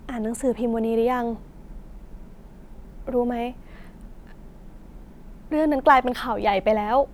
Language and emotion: Thai, sad